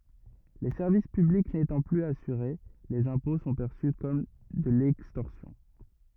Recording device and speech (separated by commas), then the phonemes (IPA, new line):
rigid in-ear microphone, read sentence
le sɛʁvis pyblik netɑ̃ plyz asyʁe lez ɛ̃pɔ̃ sɔ̃ pɛʁsy kɔm də lɛkstɔʁsjɔ̃